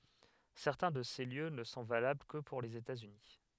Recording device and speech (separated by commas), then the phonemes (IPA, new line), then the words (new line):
headset microphone, read sentence
sɛʁtɛ̃ də se ljø nə sɔ̃ valabl kə puʁ lez etatsyni
Certains de ces lieux ne sont valables que pour les États-Unis.